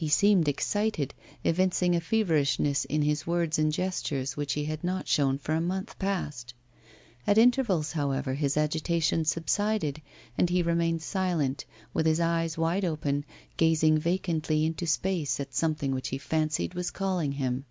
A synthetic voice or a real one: real